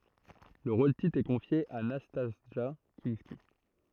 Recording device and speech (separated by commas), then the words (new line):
throat microphone, read sentence
Le rôle-titre est confié à Nastassja Kinski.